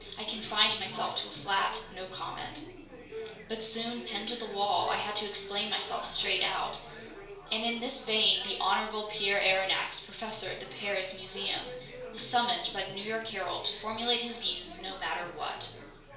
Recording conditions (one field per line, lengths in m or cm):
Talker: one person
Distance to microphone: 1.0 m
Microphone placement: close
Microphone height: 1.1 m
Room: small (3.7 m by 2.7 m)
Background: babble